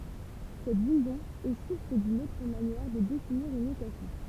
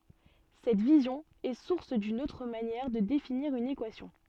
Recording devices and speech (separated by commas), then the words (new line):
temple vibration pickup, soft in-ear microphone, read sentence
Cette vision est source d'une autre manière de définir une équation.